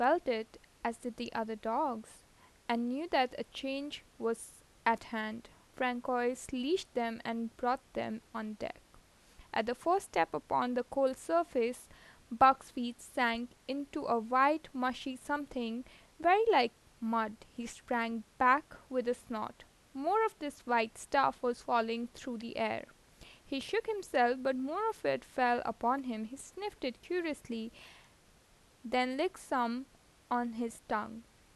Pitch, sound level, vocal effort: 250 Hz, 84 dB SPL, normal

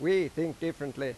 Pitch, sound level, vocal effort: 160 Hz, 93 dB SPL, very loud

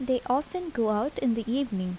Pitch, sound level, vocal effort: 250 Hz, 78 dB SPL, soft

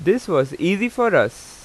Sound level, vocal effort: 90 dB SPL, loud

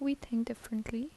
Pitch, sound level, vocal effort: 235 Hz, 74 dB SPL, soft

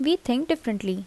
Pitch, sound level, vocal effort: 245 Hz, 77 dB SPL, normal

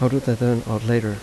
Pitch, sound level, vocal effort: 120 Hz, 82 dB SPL, soft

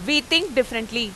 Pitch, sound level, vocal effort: 255 Hz, 95 dB SPL, very loud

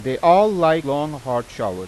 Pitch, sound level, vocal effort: 140 Hz, 94 dB SPL, loud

